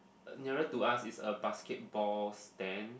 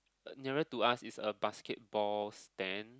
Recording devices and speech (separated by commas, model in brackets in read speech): boundary microphone, close-talking microphone, conversation in the same room